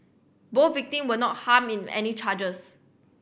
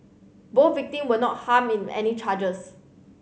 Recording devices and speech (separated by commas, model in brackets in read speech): boundary microphone (BM630), mobile phone (Samsung C7100), read sentence